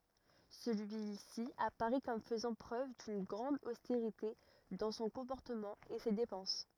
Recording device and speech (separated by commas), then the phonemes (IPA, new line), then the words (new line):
rigid in-ear microphone, read sentence
səlyisi apaʁɛ kɔm fəzɑ̃ pʁøv dyn ɡʁɑ̃d osteʁite dɑ̃ sɔ̃ kɔ̃pɔʁtəmɑ̃ e se depɑ̃s
Celui-ci apparaît comme faisant preuve d’une grande austérité dans son comportement et ses dépenses.